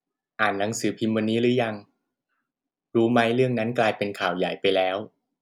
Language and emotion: Thai, neutral